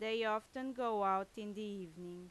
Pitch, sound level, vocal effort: 215 Hz, 90 dB SPL, very loud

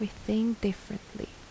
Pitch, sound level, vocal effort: 210 Hz, 74 dB SPL, soft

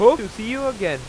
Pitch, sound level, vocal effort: 225 Hz, 82 dB SPL, normal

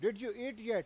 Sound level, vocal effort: 100 dB SPL, very loud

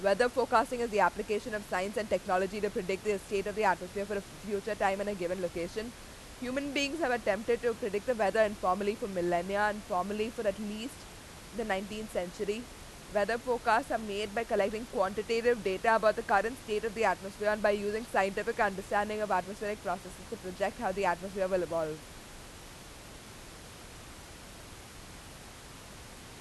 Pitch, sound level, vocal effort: 205 Hz, 91 dB SPL, very loud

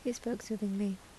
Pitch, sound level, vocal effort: 215 Hz, 74 dB SPL, soft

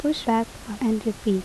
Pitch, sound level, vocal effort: 225 Hz, 75 dB SPL, soft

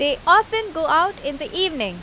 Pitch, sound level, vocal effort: 320 Hz, 92 dB SPL, very loud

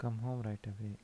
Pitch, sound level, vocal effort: 110 Hz, 78 dB SPL, soft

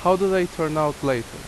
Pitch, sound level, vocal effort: 160 Hz, 87 dB SPL, loud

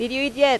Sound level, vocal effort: 91 dB SPL, loud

